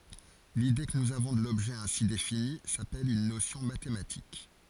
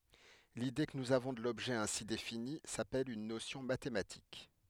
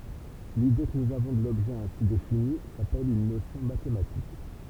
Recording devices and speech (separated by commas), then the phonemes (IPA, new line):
forehead accelerometer, headset microphone, temple vibration pickup, read sentence
lide kə nuz avɔ̃ də lɔbʒɛ ɛ̃si defini sapɛl yn nosjɔ̃ matematik